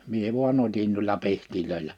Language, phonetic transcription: Finnish, mie vua'n ‿otin nuilla 'pihtilöillä .
- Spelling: minä vain otin noilla pihdeillä

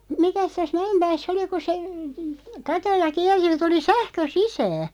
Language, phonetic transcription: Finnish, 'mikäs täs "Mä₍empääs"s ‿oli ku se , "katolla 'kiɛr(si ja) tuli "sähkö "sisää ?
- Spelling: mikäs tässä Mäenpäässä oli kun se katolla kiersi ja tuli sähkö sisään

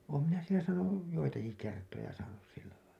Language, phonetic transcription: Finnish, oom minä sielä saanuj , 'joitaki 'kertoja saanus sillälailla .
- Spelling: olen minä siellä saanut joitakin kertoja saanut sillä lailla

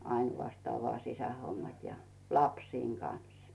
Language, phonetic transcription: Finnish, 'ainʷastaa vᵒà 'sisähommat ja , 'lapsiiŋ Gans .
- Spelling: ainoastaan vain sisähommat ja lasten kanssa

